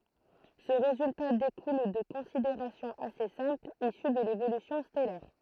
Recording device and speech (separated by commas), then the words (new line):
throat microphone, read sentence
Ce résultat découle de considérations assez simples issues de l'évolution stellaire.